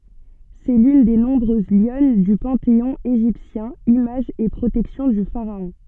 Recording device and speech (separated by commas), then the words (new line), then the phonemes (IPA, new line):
soft in-ear microphone, read sentence
C'est l'une des nombreuses lionnes du panthéon égyptien, image et protection du pharaon.
sɛ lyn de nɔ̃bʁøz ljɔn dy pɑ̃teɔ̃ eʒiptjɛ̃ imaʒ e pʁotɛksjɔ̃ dy faʁaɔ̃